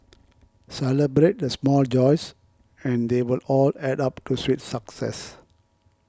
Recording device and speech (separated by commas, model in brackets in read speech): close-talking microphone (WH20), read sentence